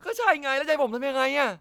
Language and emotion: Thai, angry